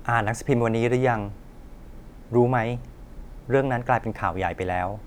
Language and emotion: Thai, neutral